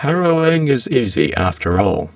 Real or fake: fake